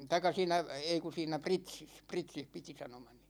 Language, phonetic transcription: Finnish, taik̆ka 'siinä , 'ei ku siinä "Pritsis , "Pritsih 'piti sanomani .
- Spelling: tai siinä ei kun siinä Pritsissä Pritsissä piti sanomani

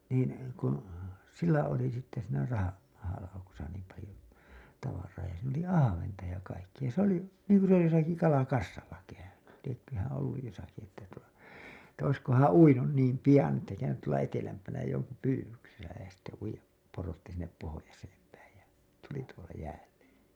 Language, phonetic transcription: Finnish, niin , kun , 'sillä oli sitte siinä raha- , mahalaukusa niim palĭjo , tavar̀aa ja siin ‿oli "ahaventa ja 'kaikkiʲa se ‿oli , niiŋku se josaki "kalakassalla 'käyny , liekköhää̰ olluj josaki että tuo , että 'oiskohaa̰ "uinun niim "pijan ‿että käynyt tuola 'etelämpänä joŋku 'pyywyksesä ja sitte , uij̆jap porotti sinnep pohojaseem päij ja , tuli tuola 'jäälle .
- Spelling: niin kun sillä oli sitten siinä - mahalaukussa niin paljon tavaraa ja siinä oli ahventa ja kaikkea se oli niin kuin se jossakin kalakassalla käynyt lieköhän ollut jossakin että tuo että olisikohan uinut niin pian että käynyt tuolla etelämpänä jonkun pyydyksessä ja sitten uida porotti sinne pohjoiseen päin ja tuli tuolla jäälle

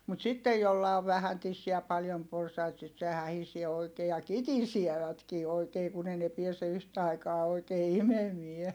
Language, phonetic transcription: Finnish, mut sittej jolla ov vähän tissiä ja paljom porsait sit se hähisie oikee ja kitisievätkii oikee kun ‿ei ne piɛse yhtä aikaa oikee imemie .
- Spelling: mutta sitten jolla on vähän tissiä ja paljon porsaita sitten se hähisee oikein ja kitisevätkin oikein kun ei ne pääse yhtä aikaa oikein imemään

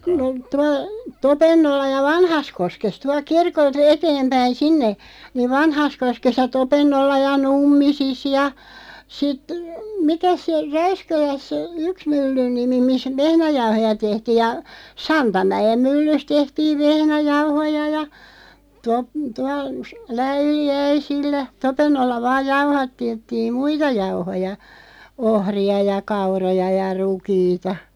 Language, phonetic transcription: Finnish, no 'tuaˡ , "Topennolla ja "Vanhaskoskes 'tualᵏ "kirkol't ‿eteempäin "sinne , niv "Vanhaskoskes ja 'Topennolla ja 'Nummisis ja , sit , "mikäs se , 'Räyskäläs , "yks 'myllyn nimi 'mis "vehnäjauhoja 'tehtiiʲ ja , "Santamäʲem 'myllys 'tehtiiv "vehnäjauhoja ja , top- , tual , 'Läyli₍"äisillä 'Topennolla 'vaaʲ "jauha(tte)ttiim "muita 'jauhoja , 'ohri₍a ja 'kauroja ja 'rukiita .
- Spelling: no tuolla Topennolla ja Vanhassakoskessa tuolta kirkolta eteenpäin sinne niin Vanhassakoskessa ja Topennolla ja Nummisissa ja sitten mikäs se Räyskälässä yksi myllyn nimi missä vehnäjauhoja tehtiin ja Santamäen myllyssä tehtiin vehnäjauhoja ja - tuolla Läyliäisillä Topennolla vain jauhatettiin muita jauhoja ohria ja kauroja ja rukiita

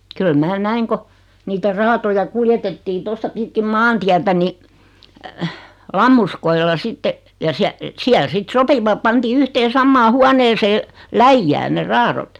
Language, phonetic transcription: Finnish, kyl 'mää "näiŋ ko , 'niitä "raatoja 'kuljetettii tosta 'pitkim "maantiätä ni , 'lammuskoilla 'sitte , ja siä- , 'siäl "sit "sopivap 'pantii 'yhteen̬ 'sammaa 'huaneesee , "läijjääⁿ ne 'raarot .
- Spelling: kyllä minä näin kun niitä raatoja kuljetettiin tuosta pitkin maantietä niin lammuskoilla sitten ja - siellä sitten sopivat pantiin yhteen samaan huoneeseen läjään ne raadot

